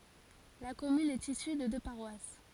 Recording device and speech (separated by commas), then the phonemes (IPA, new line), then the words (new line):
forehead accelerometer, read sentence
la kɔmyn ɛt isy də dø paʁwas
La commune est issue de deux paroisses.